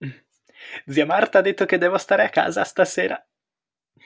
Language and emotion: Italian, happy